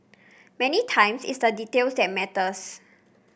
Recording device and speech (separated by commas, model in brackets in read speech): boundary microphone (BM630), read sentence